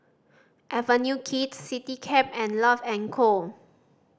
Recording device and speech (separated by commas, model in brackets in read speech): standing microphone (AKG C214), read sentence